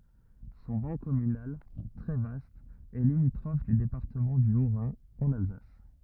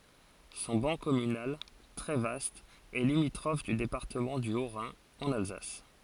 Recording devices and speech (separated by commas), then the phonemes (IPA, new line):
rigid in-ear microphone, forehead accelerometer, read sentence
sɔ̃ bɑ̃ kɔmynal tʁɛ vast ɛ limitʁɔf dy depaʁtəmɑ̃ dy otʁɛ̃ ɑ̃n alzas